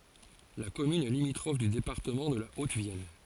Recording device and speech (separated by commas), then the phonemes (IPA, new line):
forehead accelerometer, read sentence
la kɔmyn ɛ limitʁɔf dy depaʁtəmɑ̃ də la otəvjɛn